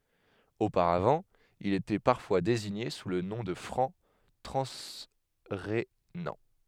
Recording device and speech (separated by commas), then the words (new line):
headset microphone, read sentence
Auparavant, ils étaient parfois désignés sous le nom de Francs transrhénans.